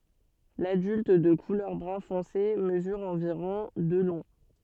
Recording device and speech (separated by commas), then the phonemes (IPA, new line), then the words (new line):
soft in-ear microphone, read sentence
ladylt də kulœʁ bʁœ̃ fɔ̃se məzyʁ ɑ̃viʁɔ̃ də lɔ̃
L'adulte, de couleur brun foncé, mesure environ de long.